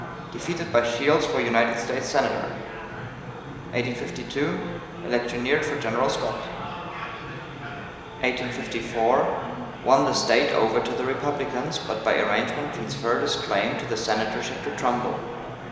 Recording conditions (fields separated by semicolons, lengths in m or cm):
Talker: one person; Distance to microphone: 1.7 m; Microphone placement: close; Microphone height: 1.0 m; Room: very reverberant, large; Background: babble